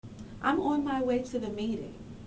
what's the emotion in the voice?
neutral